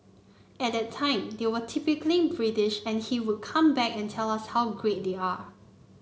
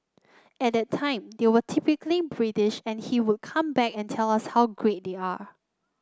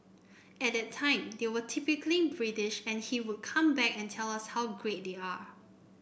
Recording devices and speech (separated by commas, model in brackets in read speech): mobile phone (Samsung C9), close-talking microphone (WH30), boundary microphone (BM630), read sentence